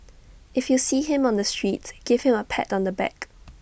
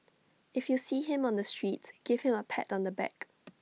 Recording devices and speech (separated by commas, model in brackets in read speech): boundary microphone (BM630), mobile phone (iPhone 6), read sentence